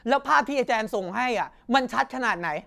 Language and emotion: Thai, angry